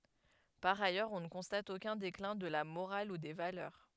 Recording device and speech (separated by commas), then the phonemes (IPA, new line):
headset microphone, read sentence
paʁ ajœʁz ɔ̃ nə kɔ̃stat okœ̃ deklɛ̃ də la moʁal u de valœʁ